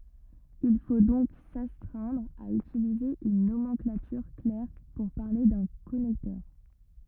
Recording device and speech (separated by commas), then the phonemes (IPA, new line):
rigid in-ear microphone, read sentence
il fo dɔ̃k sastʁɛ̃dʁ a ytilize yn nomɑ̃klatyʁ klɛʁ puʁ paʁle dœ̃ kɔnɛktœʁ